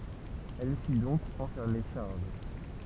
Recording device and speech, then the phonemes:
temple vibration pickup, read sentence
ɛl fi dɔ̃k ɑ̃fɛʁme ʃaʁl

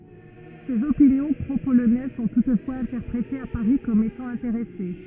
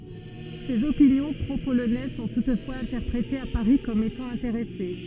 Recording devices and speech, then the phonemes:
rigid in-ear microphone, soft in-ear microphone, read sentence
sez opinjɔ̃ pʁopolonɛz sɔ̃ tutfwaz ɛ̃tɛʁpʁetez a paʁi kɔm etɑ̃ ɛ̃teʁɛse

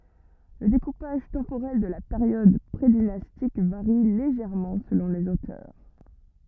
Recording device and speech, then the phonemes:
rigid in-ear microphone, read sentence
lə dekupaʒ tɑ̃poʁɛl də la peʁjɔd pʁedinastik vaʁi leʒɛʁmɑ̃ səlɔ̃ lez otœʁ

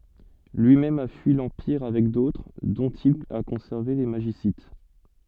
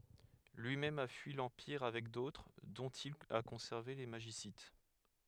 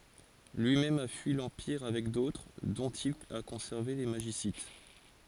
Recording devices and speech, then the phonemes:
soft in-ear microphone, headset microphone, forehead accelerometer, read sentence
lyimɛm a fyi lɑ̃piʁ avɛk dotʁ dɔ̃t il a kɔ̃sɛʁve le maʒisit

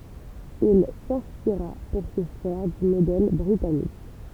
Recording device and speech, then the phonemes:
temple vibration pickup, read sentence
il sɛ̃spiʁa puʁ sə fɛʁ dy modɛl bʁitanik

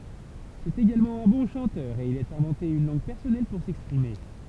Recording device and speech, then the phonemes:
temple vibration pickup, read sentence
sɛt eɡalmɑ̃ œ̃ bɔ̃ ʃɑ̃tœʁ e il a ɛ̃vɑ̃te yn lɑ̃ɡ pɛʁsɔnɛl puʁ sɛkspʁime

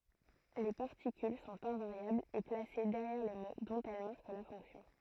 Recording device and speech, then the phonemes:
throat microphone, read sentence
le paʁtikyl sɔ̃t ɛ̃vaʁjablz e plase dɛʁjɛʁ le mo dɔ̃t ɛl maʁk la fɔ̃ksjɔ̃

